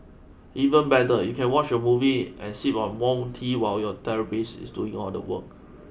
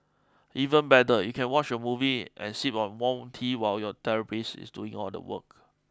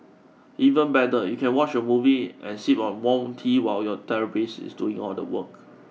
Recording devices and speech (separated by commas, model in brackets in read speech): boundary microphone (BM630), close-talking microphone (WH20), mobile phone (iPhone 6), read sentence